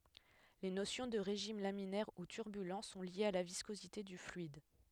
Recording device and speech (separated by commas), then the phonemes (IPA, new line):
headset microphone, read sentence
le nosjɔ̃ də ʁeʒim laminɛʁ u tyʁbylɑ̃ sɔ̃ ljez a la viskozite dy flyid